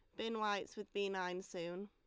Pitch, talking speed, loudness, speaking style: 200 Hz, 215 wpm, -42 LUFS, Lombard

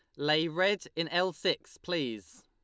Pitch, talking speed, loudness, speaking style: 165 Hz, 160 wpm, -31 LUFS, Lombard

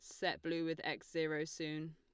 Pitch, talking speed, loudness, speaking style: 160 Hz, 210 wpm, -40 LUFS, Lombard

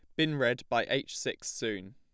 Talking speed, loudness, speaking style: 210 wpm, -32 LUFS, plain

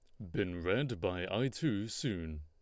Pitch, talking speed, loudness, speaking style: 100 Hz, 175 wpm, -36 LUFS, Lombard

